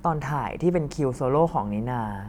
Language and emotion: Thai, neutral